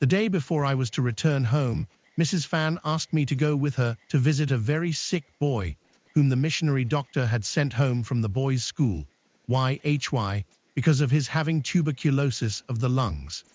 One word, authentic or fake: fake